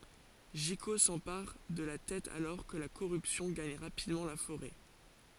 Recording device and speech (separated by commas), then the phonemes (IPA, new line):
forehead accelerometer, read sentence
ʒiko sɑ̃paʁ də la tɛt alɔʁ kə la koʁypsjɔ̃ ɡaɲ ʁapidmɑ̃ la foʁɛ